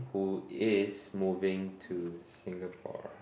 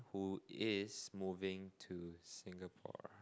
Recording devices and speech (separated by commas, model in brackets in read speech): boundary microphone, close-talking microphone, conversation in the same room